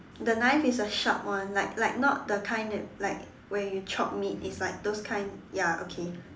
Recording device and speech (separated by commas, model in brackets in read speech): standing microphone, conversation in separate rooms